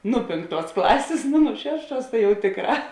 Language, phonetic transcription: Lithuanian, ˈnu ˈpėnkˌtuos ˈklasės ˈnu nu ˈšešˌtuos ta jau ˈtėkˌrā

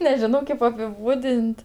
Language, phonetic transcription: Lithuanian, neˈžino ˈkėp apiˈbūdin't'

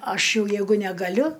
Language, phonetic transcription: Lithuanian, ˈaš ˈjau ˈjeigu negaˈliu

